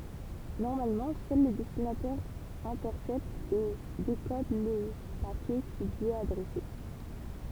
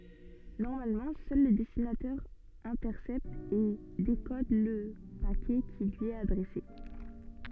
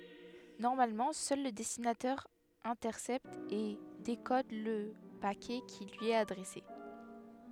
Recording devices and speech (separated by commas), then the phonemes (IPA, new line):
temple vibration pickup, soft in-ear microphone, headset microphone, read sentence
nɔʁmalmɑ̃ sœl lə dɛstinatɛʁ ɛ̃tɛʁsɛpt e dekɔd lə pakɛ ki lyi ɛt adʁɛse